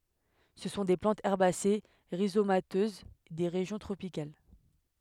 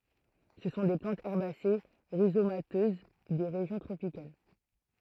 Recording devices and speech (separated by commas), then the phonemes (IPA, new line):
headset microphone, throat microphone, read sentence
sə sɔ̃ de plɑ̃tz ɛʁbase ʁizomatøz de ʁeʒjɔ̃ tʁopikal